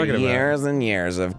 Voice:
Gravelly voice